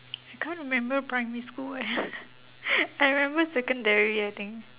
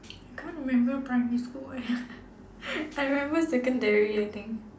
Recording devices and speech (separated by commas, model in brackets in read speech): telephone, standing microphone, conversation in separate rooms